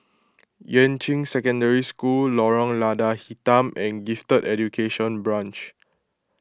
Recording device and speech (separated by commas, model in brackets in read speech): close-talking microphone (WH20), read sentence